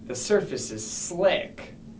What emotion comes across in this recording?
disgusted